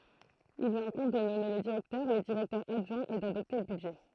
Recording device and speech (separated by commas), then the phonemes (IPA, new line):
throat microphone, read sentence
il lyi ɛ̃kɔ̃b də nɔme lə diʁɛktœʁ le diʁɛktœʁz adʒwɛ̃z e dadɔpte lə bydʒɛ